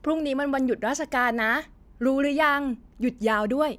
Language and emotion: Thai, happy